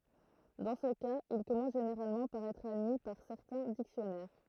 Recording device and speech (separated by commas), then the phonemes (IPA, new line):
throat microphone, read sentence
dɑ̃ sə kaz il kɔmɑ̃s ʒeneʁalmɑ̃ paʁ ɛtʁ admi paʁ sɛʁtɛ̃ diksjɔnɛʁ